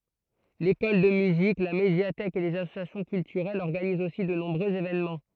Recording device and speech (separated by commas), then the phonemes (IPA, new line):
throat microphone, read sentence
lekɔl də myzik la medjatɛk e lez asosjasjɔ̃ kyltyʁɛlz ɔʁɡanizt osi də nɔ̃bʁøz evenmɑ̃